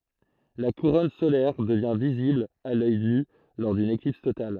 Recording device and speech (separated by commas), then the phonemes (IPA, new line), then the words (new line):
throat microphone, read sentence
la kuʁɔn solɛʁ dəvjɛ̃ vizibl a lœj ny lɔʁ dyn eklips total
La couronne solaire devient visible à l’œil nu lors d’une éclipse totale.